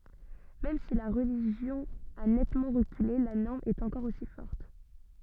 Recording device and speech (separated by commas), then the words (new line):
soft in-ear microphone, read sentence
Même si la religion a nettement reculé, la norme est encore aussi forte.